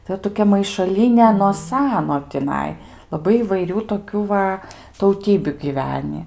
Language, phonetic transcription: Lithuanian, tai ˈot toˈkia maišaˈlyne no ˈsano tiˈnai laˈbai įvaiˈrių toˈkių va tauˈtybiu giˈvenį

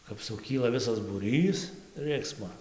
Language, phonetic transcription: Lithuanian, kap suˈkyla ˈvisas būˈrys ˈrɨksmo

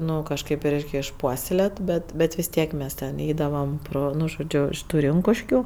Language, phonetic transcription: Lithuanian, ˈnu kažˈkaip i ˈreik' išˈpuoselėt ˈbet ˈbet vis ˈtiek ˈmes ten ˈeidavam ˈpro ˈnu žoˈdžiu iš ˈtų ˈrinkuškiu

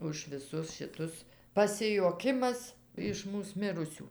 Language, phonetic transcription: Lithuanian, už viˈsus šiˈtus pasijuoˈkimas iš ˈmūs ˈmirusių

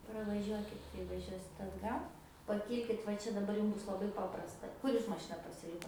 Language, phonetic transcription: Lithuanian, pravaˈžiuokit kai vaˈžiuosit atˈgal paˈkylkit va ˈčia daˈbar ˈjūm ˈbus laˈbai ˈpaprasta ˈkur jūs maˈšina pasiˈlikot

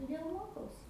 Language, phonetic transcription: Lithuanian, tuˈdėl ˈmokausi

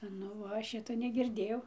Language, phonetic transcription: Lithuanian, ˈnu ˈva ˈšito negirˈdėjau

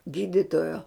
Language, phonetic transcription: Lithuanian, ˈgyditojo

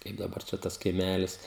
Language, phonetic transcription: Lithuanian, ˈkaip daˈbar čia ˈtas kaiˈmælis

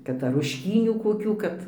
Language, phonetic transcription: Lithuanian, ˈkad ar rušˈkynių koˈkių ˈkad

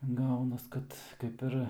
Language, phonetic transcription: Lithuanian, ˈgaunas ˈkad ˈkaip ir

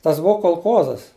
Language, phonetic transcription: Lithuanian, ˈtas ˈbuvo kolˈkozas

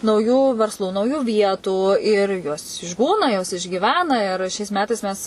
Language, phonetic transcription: Lithuanian, nauˈjų versˈlų nauˈjų ˈvietų ir jos išˈbūna jos išgyˈvena ir ˈšiais ˈmetais ˈmes

